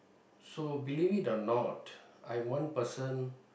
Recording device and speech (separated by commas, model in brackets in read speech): boundary microphone, conversation in the same room